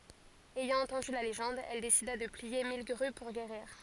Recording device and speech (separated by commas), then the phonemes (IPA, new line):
forehead accelerometer, read sentence
ɛjɑ̃ ɑ̃tɑ̃dy la leʒɑ̃d ɛl desida də plie mil ɡʁy puʁ ɡeʁiʁ